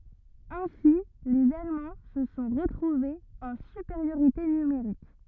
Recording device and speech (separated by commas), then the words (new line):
rigid in-ear microphone, read sentence
Ainsi les Allemands se sont retrouvés en supériorité numérique.